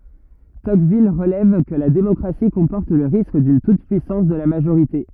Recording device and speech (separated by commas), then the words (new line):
rigid in-ear microphone, read sentence
Tocqueville relève que la démocratie comporte le risque d'une toute-puissance de la majorité.